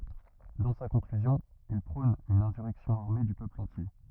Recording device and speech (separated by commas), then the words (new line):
rigid in-ear microphone, read sentence
Dans sa conclusion, il prône une insurrection armée du peuple entier.